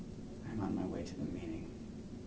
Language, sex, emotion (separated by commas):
English, male, neutral